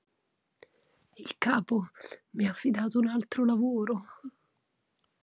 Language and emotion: Italian, sad